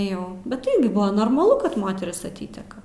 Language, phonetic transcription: Lithuanian, ˈjau bet ˈirgi ˈbuvo normaˈlu kad ˈmoteris aˈtyteka

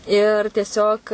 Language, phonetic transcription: Lithuanian, ir tieˈsiog

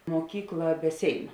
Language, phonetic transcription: Lithuanian, muoˈkykla be ˈsėinu

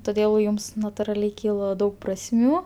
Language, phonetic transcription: Lithuanian, toˈdėl ˈjums naturaˈliai ˈkylo ˈdaug prasˈmių

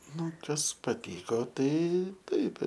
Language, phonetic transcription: Lithuanian, ˈnu ˈkas paˈtyko ˈtai ˈtaip

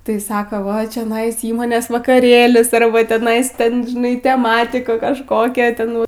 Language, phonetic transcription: Lithuanian, tai ˈsako va čioˈnais ˈįmonės vakaˈrėlis arˈba teˈnais ˈten žiˈnai teˈmatiku kažˈkokia ˈten

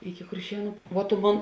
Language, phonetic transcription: Lithuanian, iki kurˈšienu vuo tu ˈmon

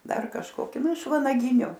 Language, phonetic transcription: Lithuanian, ˈdar kažkoˈki ˈnu iš vanaˈginiu

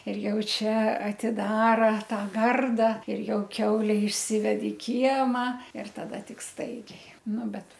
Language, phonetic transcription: Lithuanian, ir ˈjau ˈčia atiˈdara ˈtą ˈgarda ir ˈjau ˈkiaule išˈsived i ˈkiema ir taˈda ˈtik ˈstaigiai ˈnu ˈbet

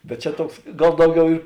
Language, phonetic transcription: Lithuanian, bet ˈčia ˈtuoks ˈgal ˈdauˌgiau i

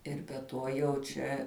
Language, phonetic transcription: Lithuanian, ˈir be ˈtuo jau ˈčia

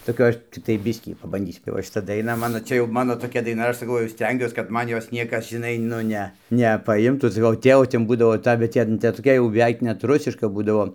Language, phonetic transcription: Lithuanian, toˈkia ˈaš ˈciktai ˈbiskį pabanˈdysiu tai ˈva šiˈta daiˈna ˈmano ˈčia jau ˈmano toˈkia daiˈna ˈaš saˈkau jau ˈstengiuos kad ˈman ˈjos ˈniekas žiˈnai ˈnu ne nepaˈimtų saˈkau ˈtėvo ˈten ˈbūdavo ˈta bet ˈten ˈten toˈkia jau beˈveik ˈnet ˈrusiška ˈbūdavo

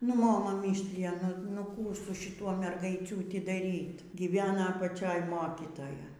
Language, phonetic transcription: Lithuanian, nu ˈmoma ˈmyslija ˈnu nu ˈkų su šiˈtuo mergaiˈciūti daˈryt gyˈvena apaˈčioj ˈmokitoja

